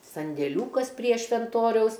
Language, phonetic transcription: Lithuanian, sandėˈliūkas prie švenˈtoriaus

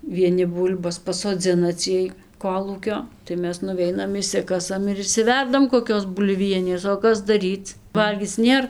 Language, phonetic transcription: Lithuanian, vieˈni ˈbūl'bas pasoˈdzina ˈciej ˈkolūkio tai ˈmes nuˈveinam išˈsikasam ir išsiˈverdam koˈkios bulˈvienės o ˈkas daˈryc ˈvalgyc ˈnėr

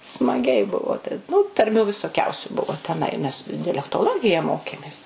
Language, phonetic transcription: Lithuanian, smaˈgiai ˈbuvo tai ˈnu tarˈmių visoˈkiausiu ˈbuvo teˈnai nes dialektoˈlogija ˈmokėmės

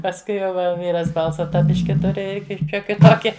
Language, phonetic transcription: Lithuanian, pasˈkui jau ˈva ˈvyras ˈbalsa ˈtą ˈbiški ˈturi ˈir ˈšioki ˈtoki

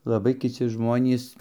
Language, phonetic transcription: Lithuanian, laˈbai kiˈci ˈžmonys

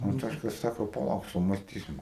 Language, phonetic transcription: Lithuanian, anˈtoška ˈsako paˈlauk sumasˈtysim

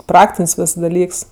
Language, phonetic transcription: Lithuanian, ˈpraktin's' ˈvis daˈlyks

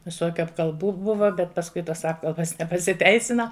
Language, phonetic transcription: Lithuanian, viˈsokiu apkalˈbų ˈbuva bet pasˈkui tos ˈapkalbas nepasiˈteisina

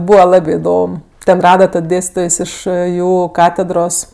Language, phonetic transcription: Lithuanian, ˈbūva ˈlabė iˈdom ˈten ˈrada tad ˈdėstitojs ˈiš ˈjų ˈkatedros

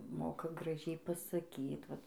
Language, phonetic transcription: Lithuanian, ˈmoka graˈžiai pasaˈkyt ˈvat

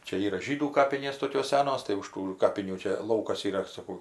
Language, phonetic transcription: Lithuanian, ˈčia ˈyra ˈžydų ˈkapinės ˈtokios ˈsenos tai už ˈtų ˈkapinių ˈčia ˈlaukas yˈra saˈkau

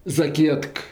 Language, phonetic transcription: Lithuanian, zaˈkietk

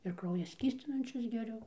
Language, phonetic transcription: Lithuanian, ir ˈkrauja ˈskystinančius geˈriu

